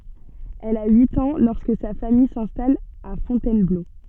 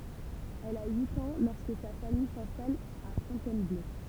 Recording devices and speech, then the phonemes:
soft in-ear microphone, temple vibration pickup, read sentence
ɛl a yit ɑ̃ lɔʁskə sa famij sɛ̃stal a fɔ̃tɛnblo

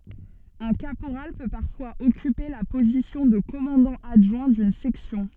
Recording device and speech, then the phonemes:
soft in-ear microphone, read sentence
œ̃ kapoʁal pø paʁfwaz ɔkype la pozisjɔ̃ də kɔmɑ̃dɑ̃ adʒwɛ̃ dyn sɛksjɔ̃

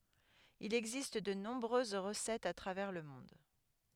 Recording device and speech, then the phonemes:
headset microphone, read sentence
il ɛɡzist də nɔ̃bʁøz ʁəsɛtz a tʁavɛʁ lə mɔ̃d

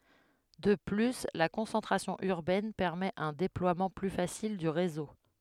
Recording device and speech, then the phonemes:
headset microphone, read sentence
də ply la kɔ̃sɑ̃tʁasjɔ̃ yʁbɛn pɛʁmɛt œ̃ deplwamɑ̃ ply fasil dy ʁezo

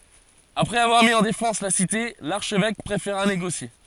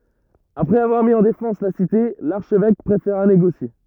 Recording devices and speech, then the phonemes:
forehead accelerometer, rigid in-ear microphone, read sentence
apʁɛz avwaʁ mi ɑ̃ defɑ̃s la site laʁʃvɛk pʁefeʁa neɡosje

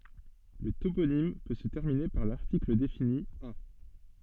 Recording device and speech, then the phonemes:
soft in-ear microphone, read sentence
lə toponim pø sə tɛʁmine paʁ laʁtikl defini a

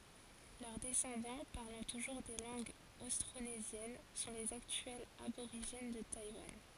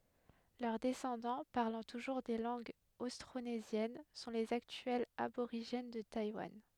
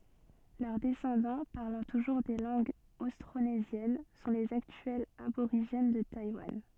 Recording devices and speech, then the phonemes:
forehead accelerometer, headset microphone, soft in-ear microphone, read sentence
lœʁ dɛsɑ̃dɑ̃ paʁlɑ̃ tuʒuʁ de lɑ̃ɡz ostʁonezjɛn sɔ̃ lez aktyɛlz aboʁiʒɛn də tajwan

